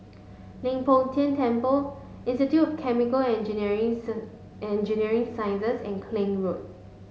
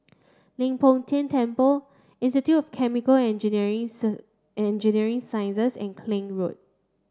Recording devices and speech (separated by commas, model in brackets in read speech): mobile phone (Samsung S8), standing microphone (AKG C214), read sentence